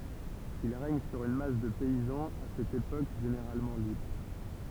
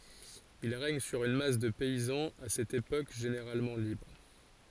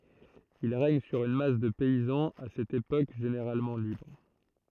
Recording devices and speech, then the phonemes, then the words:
temple vibration pickup, forehead accelerometer, throat microphone, read sentence
il ʁɛɲ syʁ yn mas də pɛizɑ̃z a sɛt epok ʒeneʁalmɑ̃ libʁ
Ils règnent sur une masse de paysans à cette époque généralement libres.

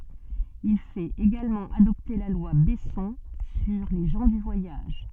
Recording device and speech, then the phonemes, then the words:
soft in-ear microphone, read sentence
il fɛt eɡalmɑ̃ adɔpte la lwa bɛsɔ̃ syʁ le ʒɑ̃ dy vwajaʒ
Il fait également adopter la loi Besson sur les gens du voyage.

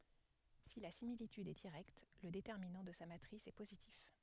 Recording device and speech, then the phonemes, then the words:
headset microphone, read sentence
si la similityd ɛ diʁɛkt lə detɛʁminɑ̃ də sa matʁis ɛ pozitif
Si la similitude est directe, le déterminant de sa matrice est positif.

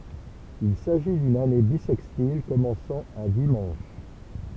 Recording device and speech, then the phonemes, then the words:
temple vibration pickup, read sentence
il saʒi dyn ane bisɛkstil kɔmɑ̃sɑ̃ œ̃ dimɑ̃ʃ
Il s'agit d'une année bissextile commençant un dimanche.

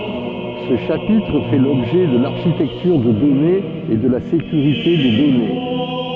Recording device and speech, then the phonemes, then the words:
soft in-ear microphone, read sentence
sə ʃapitʁ fɛ lɔbʒɛ də laʁʃitɛktyʁ də dɔnez e də la sekyʁite de dɔne
Ce chapitre fait l'objet de l'architecture de données et de la sécurité des données.

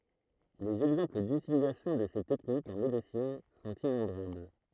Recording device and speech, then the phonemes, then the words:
throat microphone, read sentence
lez ɛɡzɑ̃pl dytilizasjɔ̃ də se tɛknikz ɑ̃ medəsin sɔ̃t inɔ̃bʁabl
Les exemples d'utilisation de ces techniques en médecine sont innombrables.

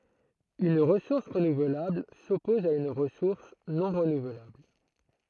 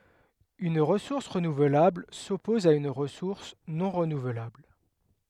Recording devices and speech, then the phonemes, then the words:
throat microphone, headset microphone, read sentence
yn ʁəsuʁs ʁənuvlabl sɔpɔz a yn ʁəsuʁs nɔ̃ ʁənuvlabl
Une ressource renouvelable s'oppose à une ressource non renouvelable.

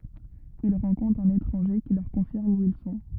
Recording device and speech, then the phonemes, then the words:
rigid in-ear microphone, read sentence
il ʁɑ̃kɔ̃tʁt œ̃n etʁɑ̃ʒe ki lœʁ kɔ̃fiʁm u il sɔ̃
Ils rencontrent un étranger qui leur confirme où ils sont.

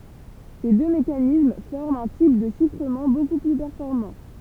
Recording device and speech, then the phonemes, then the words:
temple vibration pickup, read sentence
se dø mekanism fɔʁmt œ̃ tip də ʃifʁəmɑ̃ boku ply pɛʁfɔʁmɑ̃
Ces deux mécanismes forment un type de chiffrement beaucoup plus performant.

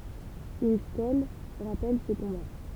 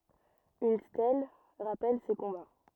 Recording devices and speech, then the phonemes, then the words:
temple vibration pickup, rigid in-ear microphone, read sentence
yn stɛl ʁapɛl se kɔ̃ba
Une stèle rappelle ces combats.

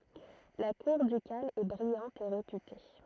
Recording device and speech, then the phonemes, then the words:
throat microphone, read sentence
la kuʁ dykal ɛ bʁijɑ̃t e ʁepyte
La cour ducale est brillante et réputée.

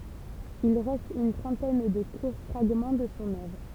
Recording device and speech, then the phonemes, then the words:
temple vibration pickup, read sentence
il ʁɛst yn tʁɑ̃tɛn də kuʁ fʁaɡmɑ̃ də sɔ̃ œvʁ
Il reste une trentaine de courts fragments de son œuvre.

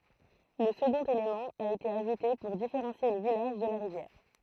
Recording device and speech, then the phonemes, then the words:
throat microphone, read sentence
lə səɡɔ̃t elemɑ̃ a ete aʒute puʁ difeʁɑ̃sje lə vilaʒ də la ʁivjɛʁ
Le second élément a été ajouté pour différencier le village de la rivière.

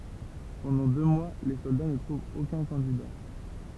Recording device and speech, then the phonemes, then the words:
temple vibration pickup, read sentence
pɑ̃dɑ̃ dø mwa le sɔlda nə tʁuvt okœ̃ kɑ̃dida
Pendant deux mois, les soldats ne trouvent aucun candidat.

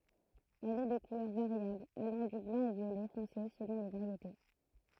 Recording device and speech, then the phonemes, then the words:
throat microphone, read sentence
ɛl ɛ də kulœʁ vaʁjabl alɑ̃ dy blɑ̃ o vjolɛ fɔ̃se səlɔ̃ le vaʁjete
Elle est de couleur variable, allant du blanc au violet foncé selon les variétés.

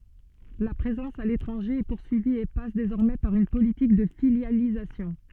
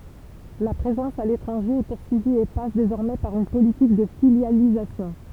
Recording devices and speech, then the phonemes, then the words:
soft in-ear microphone, temple vibration pickup, read sentence
la pʁezɑ̃s a letʁɑ̃ʒe ɛ puʁsyivi e pas dezɔʁmɛ paʁ yn politik də filjalizasjɔ̃
La présence à l'étranger est poursuivie et passe désormais par une politique de filialisation.

